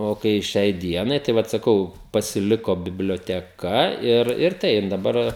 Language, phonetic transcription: Lithuanian, o ˈkai ˈšiai ˈdienai tai ˈvat saˈkau pasiˈliko biblioteˈka ir ir ˈtaip daˈbar

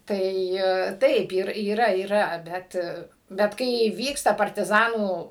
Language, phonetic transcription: Lithuanian, ˈtai ˈtaip ir yˈra yˈra ˈbet bet ˈkai ˈvyksta partiˈzanų

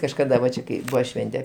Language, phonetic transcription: Lithuanian, kažkaˈda va ˈčia kai ˈbuva ˈšvente

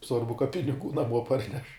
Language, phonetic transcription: Lithuanian, ˈsvarbu ka piniˈgų naˈmuo ˈparneš

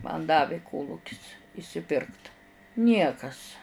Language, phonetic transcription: Lithuanian, man ˈdavi ˈkolukis išsiˈpirkt ˈniekas

